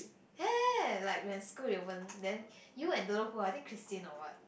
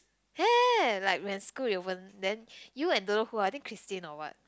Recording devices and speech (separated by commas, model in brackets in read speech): boundary microphone, close-talking microphone, conversation in the same room